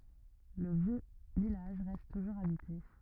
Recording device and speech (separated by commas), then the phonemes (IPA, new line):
rigid in-ear microphone, read sentence
lə vjø vilaʒ ʁɛst tuʒuʁz abite